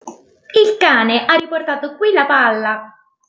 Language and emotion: Italian, surprised